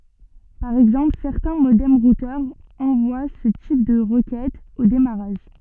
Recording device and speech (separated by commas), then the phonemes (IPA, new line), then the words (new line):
soft in-ear microphone, read sentence
paʁ ɛɡzɑ̃pl sɛʁtɛ̃ modɛm ʁutœʁz ɑ̃vwa sə tip də ʁəkɛtz o demaʁaʒ
Par exemple, certains modems-routeurs envoient ce type de requêtes au démarrage.